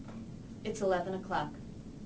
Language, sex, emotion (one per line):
English
female
neutral